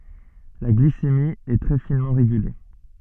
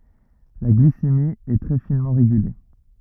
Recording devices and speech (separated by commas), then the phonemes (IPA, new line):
soft in-ear microphone, rigid in-ear microphone, read sentence
la ɡlisemi ɛ tʁɛ finmɑ̃ ʁeɡyle